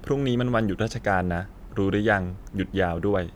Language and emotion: Thai, neutral